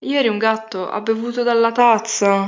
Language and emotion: Italian, sad